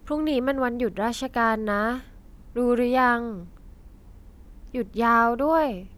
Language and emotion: Thai, neutral